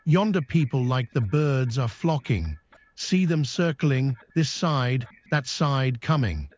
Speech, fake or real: fake